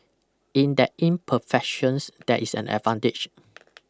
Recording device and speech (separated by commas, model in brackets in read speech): close-talking microphone (WH20), read sentence